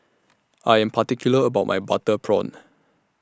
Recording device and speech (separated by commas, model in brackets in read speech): standing microphone (AKG C214), read sentence